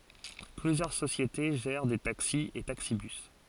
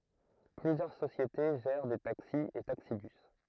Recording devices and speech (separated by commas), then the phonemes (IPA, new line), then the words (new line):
forehead accelerometer, throat microphone, read sentence
plyzjœʁ sosjete ʒɛʁ de taksi e taksibys
Plusieurs sociétés gèrent des taxis et taxi-bus.